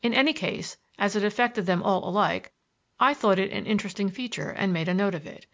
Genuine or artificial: genuine